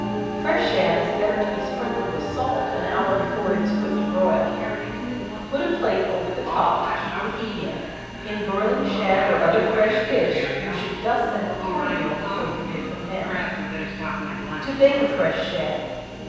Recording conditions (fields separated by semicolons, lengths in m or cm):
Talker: one person; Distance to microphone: 7.1 m; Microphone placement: far; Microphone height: 1.7 m; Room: very reverberant, large; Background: television